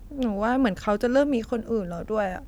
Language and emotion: Thai, sad